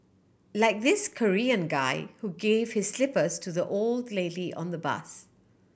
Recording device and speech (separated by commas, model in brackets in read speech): boundary microphone (BM630), read sentence